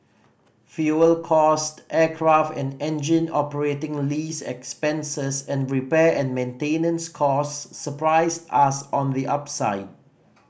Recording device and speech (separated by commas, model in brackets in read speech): boundary microphone (BM630), read sentence